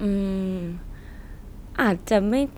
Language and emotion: Thai, neutral